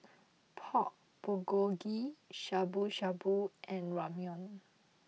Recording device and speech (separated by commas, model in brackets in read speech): mobile phone (iPhone 6), read sentence